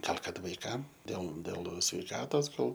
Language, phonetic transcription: Lithuanian, ˈgal ˈkad vaiˈkam dėl dėl sveiˈkatos ˈgal

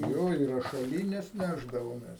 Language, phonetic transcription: Lithuanian, ˈjo i rašaˈlynes ˈnešdavomes

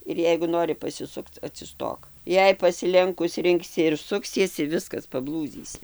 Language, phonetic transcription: Lithuanian, ir ˈjeigu ˈnori pasiˈsukc atsiˈstok ˈjei pasiˈlenkus ˈrinksi ir ˈsuksiesi ˈviskas paˈblūdzysi

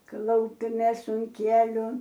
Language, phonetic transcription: Lithuanian, ˈklaupiamės un ˈkieliu

